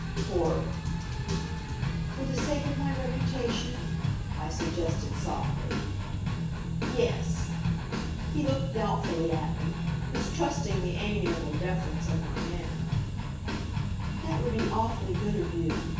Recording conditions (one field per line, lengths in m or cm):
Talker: one person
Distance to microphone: 9.8 m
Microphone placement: far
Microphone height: 1.8 m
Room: large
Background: music